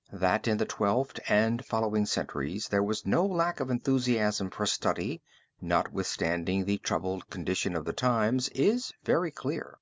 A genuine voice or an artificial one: genuine